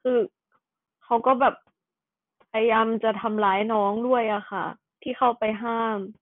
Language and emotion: Thai, sad